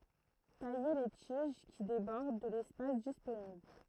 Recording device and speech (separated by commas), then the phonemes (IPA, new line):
throat microphone, read sentence
taje le tiʒ ki debɔʁd də lɛspas disponibl